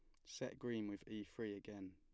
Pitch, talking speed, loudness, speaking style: 105 Hz, 215 wpm, -49 LUFS, plain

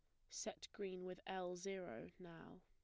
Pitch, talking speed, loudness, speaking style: 185 Hz, 155 wpm, -50 LUFS, plain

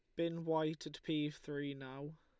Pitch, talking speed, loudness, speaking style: 155 Hz, 180 wpm, -41 LUFS, Lombard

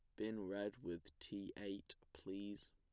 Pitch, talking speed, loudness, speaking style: 100 Hz, 140 wpm, -49 LUFS, plain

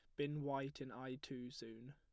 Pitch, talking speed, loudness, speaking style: 135 Hz, 210 wpm, -47 LUFS, plain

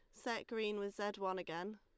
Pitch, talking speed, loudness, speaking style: 205 Hz, 230 wpm, -42 LUFS, Lombard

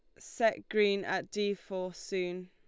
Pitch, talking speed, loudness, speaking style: 195 Hz, 160 wpm, -33 LUFS, Lombard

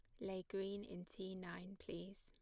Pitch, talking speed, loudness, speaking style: 190 Hz, 180 wpm, -49 LUFS, plain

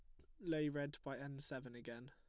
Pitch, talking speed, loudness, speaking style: 140 Hz, 220 wpm, -46 LUFS, plain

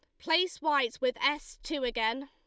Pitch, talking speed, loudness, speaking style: 285 Hz, 175 wpm, -30 LUFS, Lombard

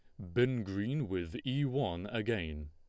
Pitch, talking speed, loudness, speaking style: 110 Hz, 155 wpm, -35 LUFS, Lombard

